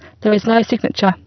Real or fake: fake